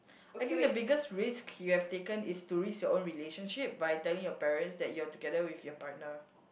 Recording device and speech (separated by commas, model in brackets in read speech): boundary microphone, conversation in the same room